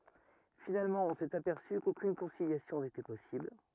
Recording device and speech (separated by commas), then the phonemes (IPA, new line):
rigid in-ear microphone, read sentence
finalmɑ̃ ɔ̃ sɛt apɛʁsy kokyn kɔ̃siljasjɔ̃ netɛ pɔsibl